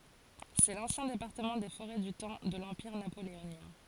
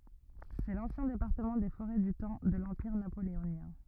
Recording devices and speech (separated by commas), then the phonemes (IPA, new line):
forehead accelerometer, rigid in-ear microphone, read sentence
sɛ lɑ̃sjɛ̃ depaʁtəmɑ̃ de foʁɛ dy tɑ̃ də lɑ̃piʁ napoleonjɛ̃